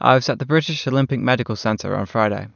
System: none